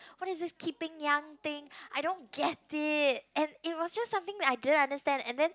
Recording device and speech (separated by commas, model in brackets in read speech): close-talking microphone, conversation in the same room